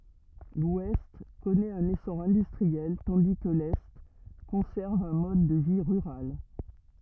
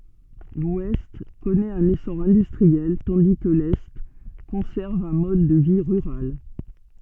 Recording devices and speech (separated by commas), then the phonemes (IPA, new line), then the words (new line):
rigid in-ear microphone, soft in-ear microphone, read sentence
lwɛst kɔnɛt œ̃n esɔʁ ɛ̃dystʁiɛl tɑ̃di kə lɛ kɔ̃sɛʁv œ̃ mɔd də vi ʁyʁal
L'Ouest connaît un essor industriel tandis que l'Est conserve un mode de vie rural.